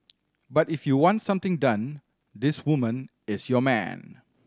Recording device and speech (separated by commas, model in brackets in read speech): standing microphone (AKG C214), read sentence